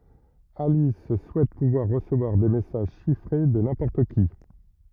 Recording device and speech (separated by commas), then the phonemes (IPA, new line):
rigid in-ear microphone, read sentence
alis suɛt puvwaʁ ʁəsəvwaʁ de mɛsaʒ ʃifʁe də nɛ̃pɔʁt ki